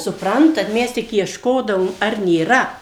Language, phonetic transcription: Lithuanian, suˈprantat ˈmes tik iešˈkodavom ar nėˈra

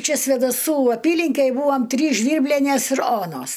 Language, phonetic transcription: Lithuanian, ˈčia svėdaˈsų ˈapylinkej ˈbūvam ˈtrys ˈžvyrblenės ir ˈonos

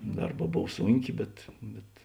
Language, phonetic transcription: Lithuanian, ˈdarˌbā ˈbov ˈsūnˌkė bet ˈbet

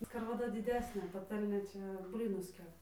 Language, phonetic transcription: Lithuanian, skarvaˈda diˈdesnė paˈtalnė ˈčia ˈblynus ˈkepa

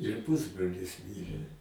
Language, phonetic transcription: Lithuanian, ir ˈpusbrolis ˈmirė

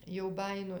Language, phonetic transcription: Lithuanian, jau ˈbajino

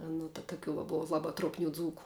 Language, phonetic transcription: Lithuanian, ˈnu ta taˈkių va ˈbova ˈlaba truopˈnių ˈdzūku

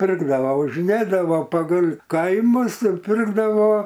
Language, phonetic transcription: Lithuanian, ˈpirkdavo važiˈnėdavo pagal' ˈkaimus ir ˈpirkdavo

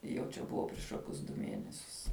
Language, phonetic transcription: Lithuanian, jau ˈčia ˈbuva priš ˈkokius du ˈmienesius

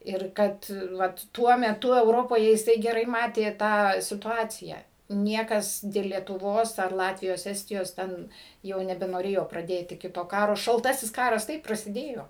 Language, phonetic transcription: Lithuanian, ir ˈkad ˈvat ˈtuo meˈtu euˈropoje jiˈsai geˈrai ˈmatė tą situˈaciją ˈniekas dėl lietuˈvos ar ˈlatvijos ˈestijos ˈten ˈjau nebenoˈrėjo praˈdėti ˈkito ˈkaro šalˈtasis ˈkaras ˈtaip prasiˈdėjo

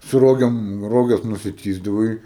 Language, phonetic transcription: Lithuanian, su ˈrogėm ˈroges nusiˈtįsdavai

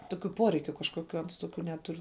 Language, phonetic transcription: Lithuanian, ˈtokiu ˈporeikiu kažkoˈkiu ˈans ˈtokiu ˈnetur

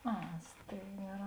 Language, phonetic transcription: Lithuanian, ˈa ˈstėigaˌrā

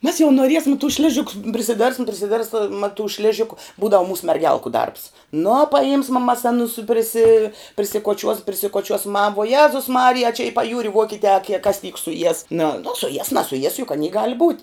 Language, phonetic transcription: Lithuanian, mes jau noˈriesma tus ˈšližikus prisiˈderbsim prisiˈderbsma tu ˈšležiku ˈbūdavu ˈmūsu merˈgelku darbs nu paˈjimsma ˈmas aˈnus priˈsi prisikoˈčiuos prisikoˈčiuos ma vuo ˈjezus ˈmarija a čia i paˈjūri ˈvuokitē a kie kas tyk suˈjies nu nu suˈjies nasuˈjies juk aˈny gal' būt'

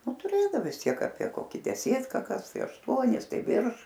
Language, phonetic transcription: Lithuanian, ˈnu tuˈrėdav vis ˈtiek apie ˈkoki deˈsėtka ˈkas ˈtai ašˈtuonis ˈtai ˈvirš

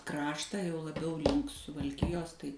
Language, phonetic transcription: Lithuanian, ˈkraštą jau laˈbiau ˈlink suvalˈkijos ˈtai

